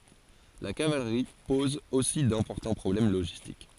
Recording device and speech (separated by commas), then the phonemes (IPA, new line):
forehead accelerometer, read sentence
la kavalʁi pɔz osi dɛ̃pɔʁtɑ̃ pʁɔblɛm loʒistik